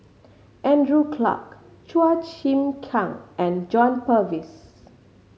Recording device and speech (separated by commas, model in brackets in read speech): mobile phone (Samsung C5010), read sentence